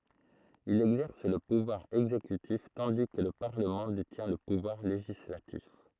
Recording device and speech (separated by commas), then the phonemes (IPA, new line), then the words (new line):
throat microphone, read sentence
il ɛɡzɛʁs lə puvwaʁ ɛɡzekytif tɑ̃di kə lə paʁləmɑ̃ detjɛ̃ lə puvwaʁ leʒislatif
Il exerce le pouvoir exécutif tandis que le parlement détient le pouvoir législatif.